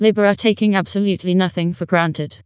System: TTS, vocoder